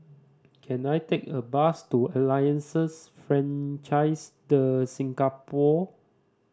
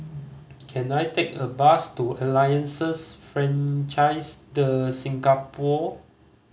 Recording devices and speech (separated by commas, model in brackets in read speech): standing microphone (AKG C214), mobile phone (Samsung C5010), read sentence